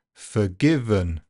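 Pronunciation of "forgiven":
'Forgiven' is said with two schwas. This is not how it sounds in normal speech, where the word has no schwas at all.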